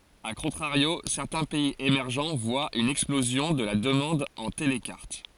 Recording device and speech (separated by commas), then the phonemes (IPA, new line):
forehead accelerometer, read sentence
a kɔ̃tʁaʁjo sɛʁtɛ̃ pɛiz emɛʁʒ vwat yn ɛksplozjɔ̃ də la dəmɑ̃d ɑ̃ telkaʁt